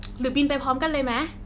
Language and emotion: Thai, happy